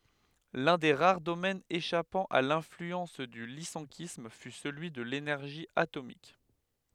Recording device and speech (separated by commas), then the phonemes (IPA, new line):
headset microphone, read sentence
lœ̃ de ʁaʁ domɛnz eʃapɑ̃ a lɛ̃flyɑ̃s dy lisɑ̃kism fy səlyi də lenɛʁʒi atomik